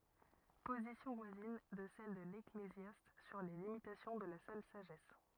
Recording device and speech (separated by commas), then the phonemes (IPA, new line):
rigid in-ear microphone, read sentence
pozisjɔ̃ vwazin də sɛl də leklezjast syʁ le limitasjɔ̃ də la sœl saʒɛs